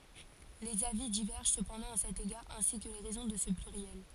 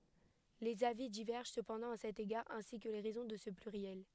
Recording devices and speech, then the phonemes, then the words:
forehead accelerometer, headset microphone, read sentence
lez avi divɛʁʒɑ̃ səpɑ̃dɑ̃ a sɛt eɡaʁ ɛ̃si kə le ʁɛzɔ̃ də sə plyʁjɛl
Les avis divergent cependant à cet égard, ainsi que les raisons de ce pluriel.

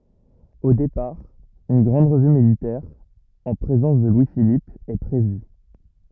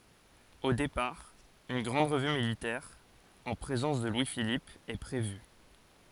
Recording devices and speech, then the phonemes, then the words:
rigid in-ear microphone, forehead accelerometer, read sentence
o depaʁ yn ɡʁɑ̃d ʁəvy militɛʁ ɑ̃ pʁezɑ̃s də lwi filip ɛ pʁevy
Au départ, une grande revue militaire en présence de Louis-Philippe est prévue.

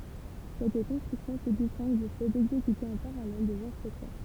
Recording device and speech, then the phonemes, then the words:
temple vibration pickup, read sentence
sɛt kɔ̃stʁyksjɔ̃ sə distɛ̃ɡ dy fɛ dɛɡzekyte ɑ̃ paʁalɛl dez ɛ̃stʁyksjɔ̃
Cette construction se distingue du fait d'exécuter en parallèle des instructions.

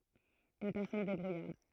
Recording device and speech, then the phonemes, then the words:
throat microphone, read sentence
yn pɛʁsɔn debʁujaʁd
Une personne débrouillarde.

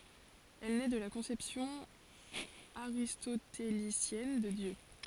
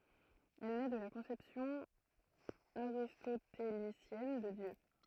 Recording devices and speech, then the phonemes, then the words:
forehead accelerometer, throat microphone, read sentence
ɛl nɛ də la kɔ̃sɛpsjɔ̃ aʁistotelisjɛn də djø
Elle naît de la conception aristotélicienne de Dieu.

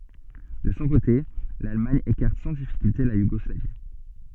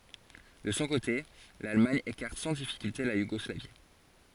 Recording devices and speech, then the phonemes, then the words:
soft in-ear microphone, forehead accelerometer, read sentence
də sɔ̃ kote lalmaɲ ekaʁt sɑ̃ difikylte la juɡɔslavi
De son côté l'Allemagne écarte sans difficulté la Yougoslavie.

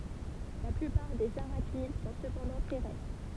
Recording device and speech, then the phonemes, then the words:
temple vibration pickup, read sentence
la plypaʁ dez aʁaknid sɔ̃ səpɑ̃dɑ̃ tɛʁɛstʁ
La plupart des arachnides sont cependant terrestres.

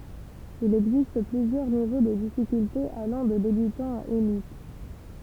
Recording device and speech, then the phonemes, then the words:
temple vibration pickup, read sentence
il ɛɡzist plyzjœʁ nivo də difikyltez alɑ̃ də debytɑ̃ a elit
Il existe plusieurs niveaux de difficultés allant de débutant à élite.

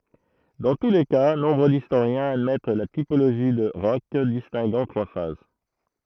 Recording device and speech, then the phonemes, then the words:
throat microphone, read sentence
dɑ̃ tu le ka nɔ̃bʁ distoʁjɛ̃z admɛt la tipoloʒi də ʁɔʃ distɛ̃ɡɑ̃ tʁwa faz
Dans tous les cas, nombre d'historiens admettent la typologie de Hroch distinguant trois phases.

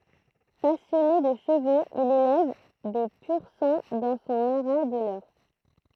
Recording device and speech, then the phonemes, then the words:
throat microphone, read sentence
pasjɔne də ʃəvoz il elɛv de pyʁ sɑ̃ dɑ̃ sɔ̃ aʁa də lœʁ
Passionné de chevaux, il élève des pur-sang dans son haras de l'Eure.

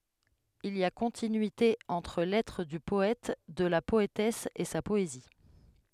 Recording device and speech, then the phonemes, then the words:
headset microphone, read sentence
il i a kɔ̃tinyite ɑ̃tʁ lɛtʁ dy pɔɛt də la pɔetɛs e sa pɔezi
Il y a continuité entre l'être du poète, de la poétesse, et sa poésie.

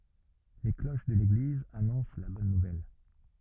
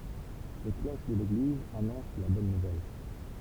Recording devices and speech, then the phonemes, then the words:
rigid in-ear microphone, temple vibration pickup, read sentence
le kloʃ də leɡliz anɔ̃s la bɔn nuvɛl
Les cloches de l'église annoncent la bonne nouvelle.

